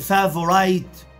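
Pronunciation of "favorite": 'Favorite' is pronounced incorrectly here.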